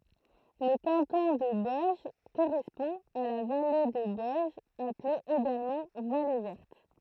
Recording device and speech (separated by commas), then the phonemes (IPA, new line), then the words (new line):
throat microphone, read sentence
lə kɑ̃tɔ̃ də bɔɛʒ koʁɛspɔ̃ a la vale də bɔɛʒ aple eɡalmɑ̃ vale vɛʁt
Le canton de Boëge correspond à la vallée de Boëge appelée également vallée Verte.